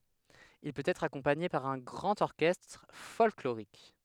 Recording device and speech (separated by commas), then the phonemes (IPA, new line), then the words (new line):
headset microphone, read sentence
il pøt ɛtʁ akɔ̃paɲe paʁ œ̃ ɡʁɑ̃t ɔʁkɛstʁ fɔlkloʁik
Il peut être accompagné par un grand orchestre folklorique.